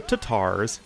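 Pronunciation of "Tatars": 'Tatars' is pronounced incorrectly here.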